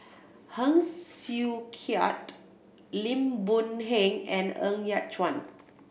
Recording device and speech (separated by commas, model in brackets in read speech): boundary microphone (BM630), read sentence